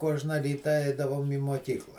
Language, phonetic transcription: Lithuanian, ˈkuožna ˈryta ˈeidavom į muoˈkykla

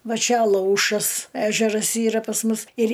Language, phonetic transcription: Lithuanian, ˈva ˈčia aˈlaušas ˈežeras ˈyra pas ˈmus ir

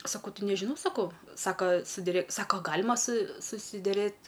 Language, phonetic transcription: Lithuanian, saˈkau ˈti nežiˈnau saˈkau ˈsaka su diˈre ˈsako a ˈgalima su susideˈrėt

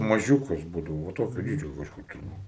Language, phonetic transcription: Lithuanian, maˈžiūkas ˈbūdavo va ˈtokio ˈdydžio kažˈkur tai ˈvat

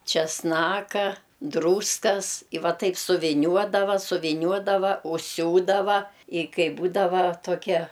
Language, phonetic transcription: Lithuanian, česˈnaka ˈdrūskas i ˈva ˈtaip suviˈniuodava suviˈniuodava užˈsiūdava i ˈkai ˈbūdava toˈkie

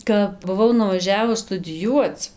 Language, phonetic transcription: Lithuanian, kap buˈvau nuvaˈžiavus studiˈjuoc

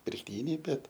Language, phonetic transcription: Lithuanian, pirkˈtyniai ˈbet

